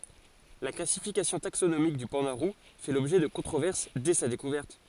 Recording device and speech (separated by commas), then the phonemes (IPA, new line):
forehead accelerometer, read sentence
la klasifikasjɔ̃ taksonomik dy pɑ̃da ʁu fɛ lɔbʒɛ də kɔ̃tʁovɛʁs dɛ sa dekuvɛʁt